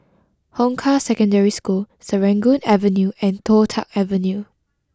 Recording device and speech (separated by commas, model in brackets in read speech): close-talking microphone (WH20), read sentence